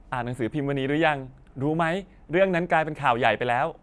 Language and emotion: Thai, neutral